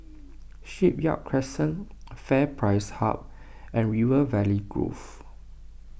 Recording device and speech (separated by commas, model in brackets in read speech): boundary microphone (BM630), read sentence